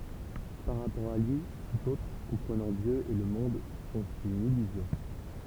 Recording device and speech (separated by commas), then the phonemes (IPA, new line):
temple vibration pickup, read sentence
paʁ ʁapɔʁ a lyi tut otʁ kɔ̃pʁənɑ̃ djø e lə mɔ̃d sɔ̃t yn ilyzjɔ̃